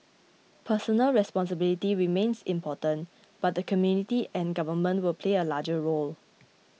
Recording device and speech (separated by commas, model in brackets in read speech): mobile phone (iPhone 6), read sentence